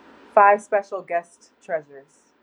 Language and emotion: English, neutral